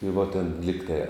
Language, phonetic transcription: Lithuanian, i vo tėn ˈligtai

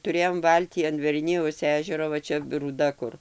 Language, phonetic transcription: Lithuanian, tuˈrėjom ˈvaltį an verˈnijaus ˈežero va ˈčia rūˈda kur

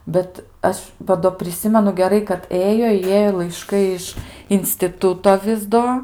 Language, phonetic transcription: Lithuanian, ˈbet ˈaš va ˈdo priˈsimenu geˈrai kad ˈėjo i ˈjėjo laiˈškai iš instiˈtuto ˈvis do

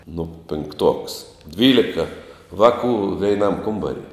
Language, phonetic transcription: Lithuanian, nu pinkˈtuoks ˈdvylika ˈvakų veiˈnam ˈkumbari

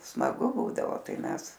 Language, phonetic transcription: Lithuanian, smaˈgu ˈbūdavo ˈtai ˈmes

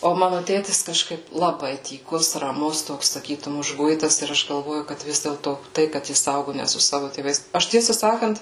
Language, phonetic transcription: Lithuanian, o ˈmanu ˈtėtis kažˈkaip laˈbai tyˈkus raˈmus ˈtoks saˈkytum užˈguitas ir ˈaš galˈvoju kad ˈvis dėlto ˈtai kad ˈjis ˈaugu ne su ˈsavu tėˈvais ˈaš ˈtiesą ˈsakant

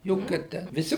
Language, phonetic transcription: Lithuanian, ˈjokia ˈtę viˈsi

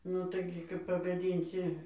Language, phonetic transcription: Lithuanian, ˈnu taiˈgi kap pagaˈdynsi

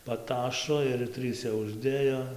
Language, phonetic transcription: Lithuanian, paˈtašo ir ˈtryse užˈdėjo

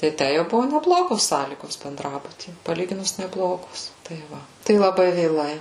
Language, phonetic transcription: Lithuanian, tai ˈtæ jau ˈbuvo neˈblogos ˈsąlygos benˈdrabuty paˈlyginus neˈblogos tai ˈva tai laˈbai vėˈlai

